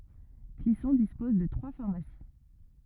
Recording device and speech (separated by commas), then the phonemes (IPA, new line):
rigid in-ear microphone, read sentence
klisɔ̃ dispɔz də tʁwa faʁmasi